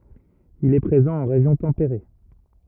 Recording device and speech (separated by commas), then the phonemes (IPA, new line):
rigid in-ear microphone, read sentence
il ɛ pʁezɑ̃ ɑ̃ ʁeʒjɔ̃ tɑ̃peʁe